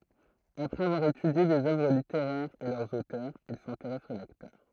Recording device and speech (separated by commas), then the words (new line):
throat microphone, read sentence
Après avoir étudié des œuvres littéraires et leurs auteurs, il s’intéresse aux lecteurs.